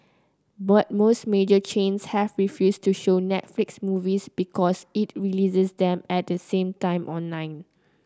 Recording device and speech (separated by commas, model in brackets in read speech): close-talking microphone (WH30), read sentence